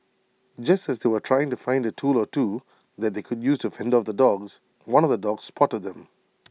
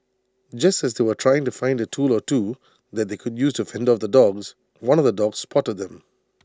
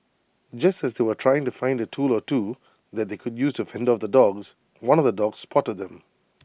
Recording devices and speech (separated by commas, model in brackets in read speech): mobile phone (iPhone 6), standing microphone (AKG C214), boundary microphone (BM630), read sentence